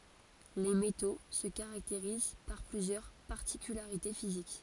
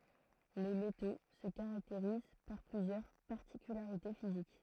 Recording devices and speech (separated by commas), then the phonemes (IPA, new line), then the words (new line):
forehead accelerometer, throat microphone, read sentence
le meto sə kaʁakteʁiz paʁ plyzjœʁ paʁtikylaʁite fizik
Les métaux se caractérisent par plusieurs particularités physiques.